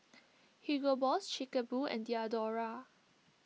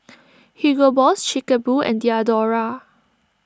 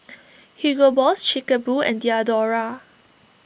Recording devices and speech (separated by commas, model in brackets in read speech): mobile phone (iPhone 6), standing microphone (AKG C214), boundary microphone (BM630), read sentence